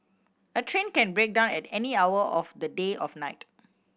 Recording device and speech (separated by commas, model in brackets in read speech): boundary microphone (BM630), read sentence